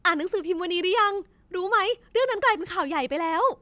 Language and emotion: Thai, happy